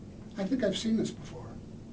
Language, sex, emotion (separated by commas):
English, male, neutral